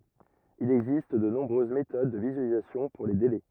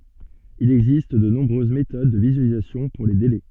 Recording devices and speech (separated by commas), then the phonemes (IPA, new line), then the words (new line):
rigid in-ear microphone, soft in-ear microphone, read sentence
il ɛɡzist də nɔ̃bʁøz metod də vizyalizasjɔ̃ puʁ le delɛ
Il existe de nombreuses méthodes de visualisation pour les délais.